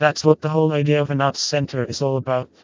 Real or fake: fake